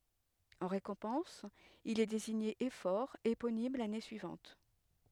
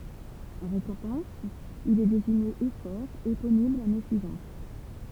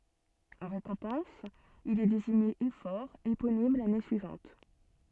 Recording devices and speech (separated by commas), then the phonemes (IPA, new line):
headset microphone, temple vibration pickup, soft in-ear microphone, read sentence
ɑ̃ ʁekɔ̃pɑ̃s il ɛ deziɲe efɔʁ eponim lane syivɑ̃t